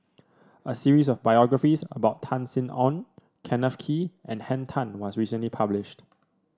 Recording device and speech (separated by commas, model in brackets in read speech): standing microphone (AKG C214), read sentence